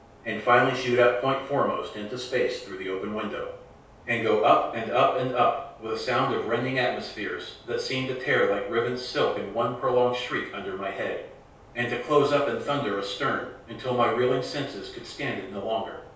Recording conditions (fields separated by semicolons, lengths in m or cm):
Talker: one person; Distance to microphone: 3.0 m; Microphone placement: far; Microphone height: 1.8 m; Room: small (3.7 m by 2.7 m); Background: none